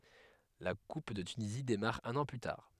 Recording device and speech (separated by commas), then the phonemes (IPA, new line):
headset microphone, read sentence
la kup də tynizi demaʁ œ̃n ɑ̃ ply taʁ